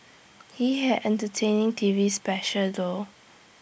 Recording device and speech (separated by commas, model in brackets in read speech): boundary microphone (BM630), read sentence